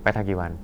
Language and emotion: Thai, neutral